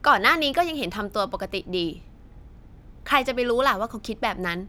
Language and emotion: Thai, frustrated